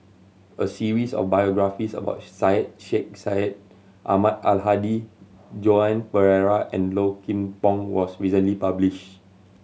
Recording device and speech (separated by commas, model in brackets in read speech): mobile phone (Samsung C7100), read sentence